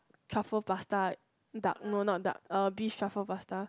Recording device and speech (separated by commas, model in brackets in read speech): close-talking microphone, conversation in the same room